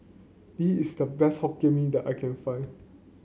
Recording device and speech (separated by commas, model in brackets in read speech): mobile phone (Samsung C9), read sentence